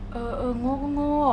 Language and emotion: Thai, frustrated